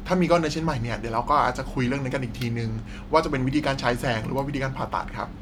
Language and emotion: Thai, neutral